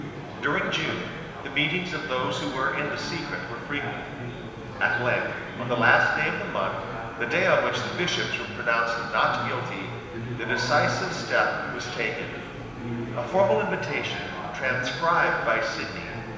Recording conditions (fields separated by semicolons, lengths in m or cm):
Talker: one person; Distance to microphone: 1.7 m; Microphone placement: close; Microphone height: 1.0 m; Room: very reverberant, large; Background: babble